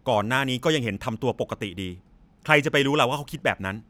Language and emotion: Thai, frustrated